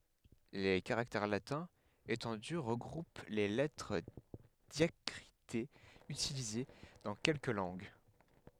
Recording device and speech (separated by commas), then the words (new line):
headset microphone, read sentence
Les caractères latins étendus regroupent les lettres diacritées utilisées dans quelques langues.